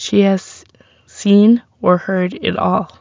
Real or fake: real